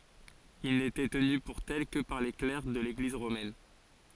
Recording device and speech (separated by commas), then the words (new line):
forehead accelerometer, read sentence
Ils n'étaient tenus pour tels que par les clercs de l'Église romaine.